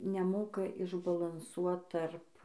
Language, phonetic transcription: Lithuanian, neˈmoka išbalanˈsuot ˈtarp

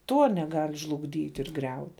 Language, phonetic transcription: Lithuanian, ˈtuo neˈgal' žlugˈdyt' ir ˈgriaut'

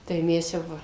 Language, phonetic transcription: Lithuanian, tai ˈmes jau ˈva

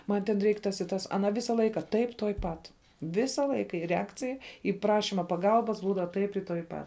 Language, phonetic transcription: Lithuanian, ˈman ten ˈreik ˈtas i ˈtas aˈna ˈvisa ˈlaika ˈtaip tuoj ˈpat ˈvisa ˈlaika ir reˈakcij į ˈprašima paˈgalbas ˈbūda ˈtaip i tuoj ˈpat

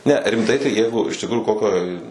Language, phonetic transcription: Lithuanian, ne rimˈtai tai ˈjeigu iš tikˈrųju ˈkokioj

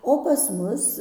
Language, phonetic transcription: Lithuanian, o pas ˈmus

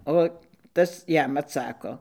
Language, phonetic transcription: Lithuanian, ˈo ˈtas ˈjam atˈsako

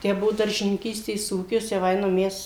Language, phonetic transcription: Lithuanian, ˈtę ˈbuvo daržininˈkystės ˈūkis jau ˈainam ˈmes

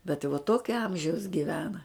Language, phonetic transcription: Lithuanian, bet i va ˈtokia ˈamžiaus gyˈvena

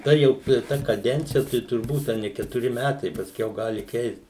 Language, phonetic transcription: Lithuanian, ta ˈjau ir ˈta kaˈdencija tai turˈbūt a ˈne ketuˈri ˈmætai pasˈkiau ˈgali keist

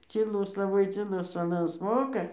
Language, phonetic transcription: Lithuanian, cyˈlus laˈbai cyˈlus aˈnas ˈmoka

